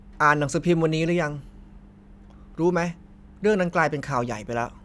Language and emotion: Thai, frustrated